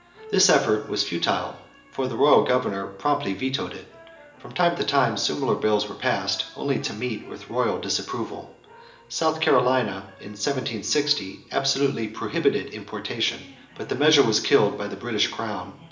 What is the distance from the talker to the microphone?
1.8 m.